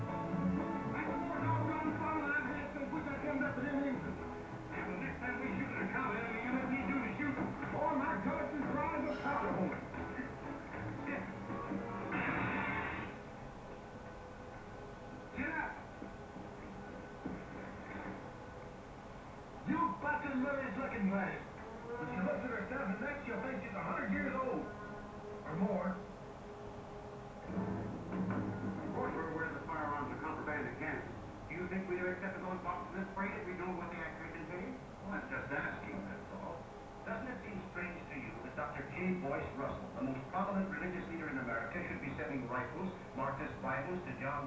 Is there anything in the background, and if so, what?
A television.